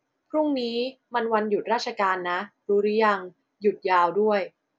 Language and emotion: Thai, neutral